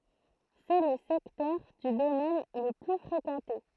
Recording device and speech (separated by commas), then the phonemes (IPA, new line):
throat microphone, read sentence
sɛ lə sɛktœʁ dy domɛn lə ply fʁekɑ̃te